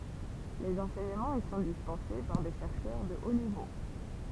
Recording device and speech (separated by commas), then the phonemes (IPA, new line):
temple vibration pickup, read sentence
lez ɑ̃sɛɲəmɑ̃z i sɔ̃ dispɑ̃se paʁ de ʃɛʁʃœʁ də o nivo